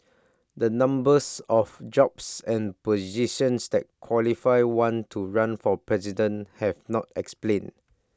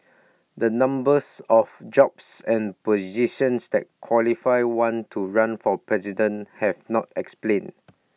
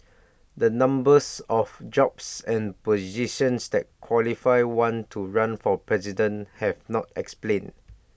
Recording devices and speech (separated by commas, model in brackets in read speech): standing microphone (AKG C214), mobile phone (iPhone 6), boundary microphone (BM630), read sentence